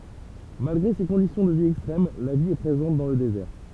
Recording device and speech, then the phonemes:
temple vibration pickup, read sentence
malɡʁe se kɔ̃disjɔ̃ də vi ɛkstʁɛm la vi ɛ pʁezɑ̃t dɑ̃ lə dezɛʁ

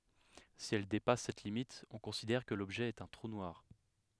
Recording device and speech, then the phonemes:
headset microphone, read sentence
si ɛl depas sɛt limit ɔ̃ kɔ̃sidɛʁ kə lɔbʒɛ ɛt œ̃ tʁu nwaʁ

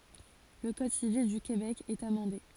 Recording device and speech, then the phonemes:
forehead accelerometer, read sentence
lə kɔd sivil dy kebɛk ɛt amɑ̃de

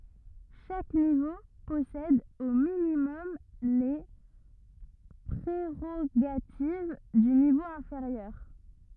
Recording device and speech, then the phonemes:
rigid in-ear microphone, read sentence
ʃak nivo pɔsɛd o minimɔm le pʁeʁoɡativ dy nivo ɛ̃feʁjœʁ

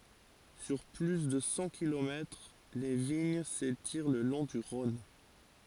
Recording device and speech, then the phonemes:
forehead accelerometer, read sentence
syʁ ply də sɑ̃ kilomɛtʁ le viɲ setiʁ lə lɔ̃ dy ʁɔ̃n

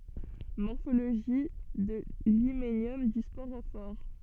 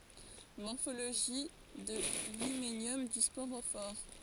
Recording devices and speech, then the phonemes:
soft in-ear microphone, forehead accelerometer, read sentence
mɔʁfoloʒi də limenjɔm dy spoʁofɔʁ

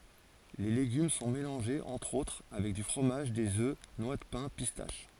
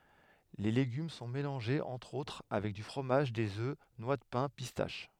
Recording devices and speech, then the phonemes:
forehead accelerometer, headset microphone, read sentence
le leɡym sɔ̃ melɑ̃ʒez ɑ̃tʁ otʁ avɛk dy fʁomaʒ dez ø nwa də pɛ̃ pistaʃ

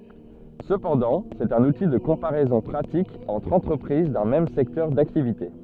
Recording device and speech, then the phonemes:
soft in-ear microphone, read sentence
səpɑ̃dɑ̃ sɛt œ̃n uti də kɔ̃paʁɛzɔ̃ pʁatik ɑ̃tʁ ɑ̃tʁəpʁiz dœ̃ mɛm sɛktœʁ daktivite

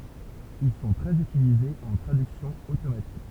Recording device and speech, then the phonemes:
temple vibration pickup, read sentence
il sɔ̃ tʁɛz ytilizez ɑ̃ tʁadyksjɔ̃ otomatik

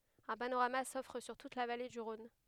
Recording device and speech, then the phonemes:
headset microphone, read sentence
œ̃ panoʁama sɔfʁ syʁ tut la vale dy ʁɔ̃n

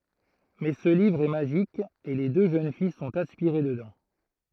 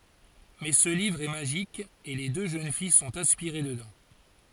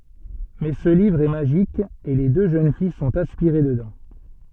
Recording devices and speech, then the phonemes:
throat microphone, forehead accelerometer, soft in-ear microphone, read sentence
mɛ sə livʁ ɛ maʒik e le dø ʒøn fij sɔ̃t aspiʁe dədɑ̃

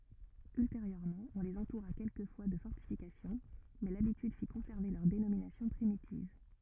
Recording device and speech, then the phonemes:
rigid in-ear microphone, read sentence
ylteʁjøʁmɑ̃ ɔ̃ lez ɑ̃tuʁa kɛlkəfwa də fɔʁtifikasjɔ̃ mɛ labityd fi kɔ̃sɛʁve lœʁ denominasjɔ̃ pʁimitiv

